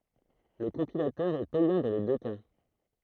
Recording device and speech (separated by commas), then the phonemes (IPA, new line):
throat microphone, read sentence
lə kɔ̃pilatœʁ ɛ pɛjɑ̃ dɑ̃ le dø ka